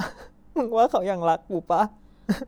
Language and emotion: Thai, sad